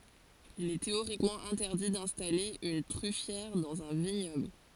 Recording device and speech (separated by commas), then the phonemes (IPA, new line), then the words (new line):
forehead accelerometer, read sentence
il ɛ teoʁikmɑ̃ ɛ̃tɛʁdi dɛ̃stale yn tʁyfjɛʁ dɑ̃z œ̃ viɲɔbl
Il est théoriquement interdit d'installer une truffière dans un vignoble.